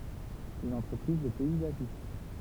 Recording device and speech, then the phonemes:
temple vibration pickup, read sentence
yn ɑ̃tʁəpʁiz də pɛizaʒist

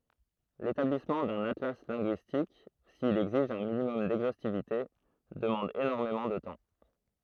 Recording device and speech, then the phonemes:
throat microphone, read sentence
letablismɑ̃ dœ̃n atla lɛ̃ɡyistik sil ɛɡziʒ œ̃ minimɔm dɛɡzostivite dəmɑ̃d enɔʁmemɑ̃ də tɑ̃

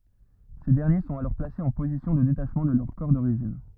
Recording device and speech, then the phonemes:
rigid in-ear microphone, read sentence
se dɛʁnje sɔ̃t alɔʁ plasez ɑ̃ pozisjɔ̃ də detaʃmɑ̃ də lœʁ kɔʁ doʁiʒin

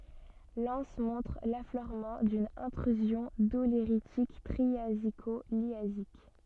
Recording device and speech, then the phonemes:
soft in-ear microphone, read sentence
lɑ̃s mɔ̃tʁ lafløʁmɑ̃ dyn ɛ̃tʁyzjɔ̃ doleʁitik tʁiaziko ljazik

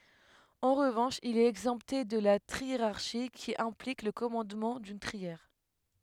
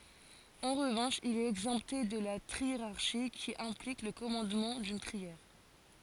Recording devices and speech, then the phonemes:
headset microphone, forehead accelerometer, read sentence
ɑ̃ ʁəvɑ̃ʃ il ɛt ɛɡzɑ̃pte də la tʁieʁaʁʃi ki ɛ̃plik lə kɔmɑ̃dmɑ̃ dyn tʁiɛʁ

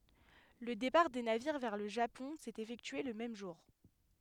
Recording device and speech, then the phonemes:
headset microphone, read sentence
lə depaʁ de naviʁ vɛʁ lə ʒapɔ̃ sɛt efɛktye lə mɛm ʒuʁ

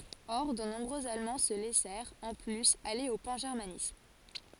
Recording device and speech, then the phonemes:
forehead accelerometer, read sentence
ɔʁ də nɔ̃bʁøz almɑ̃ sə lɛsɛʁt ɑ̃ plyz ale o pɑ̃ʒɛʁmanism

